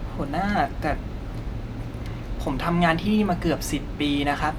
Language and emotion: Thai, frustrated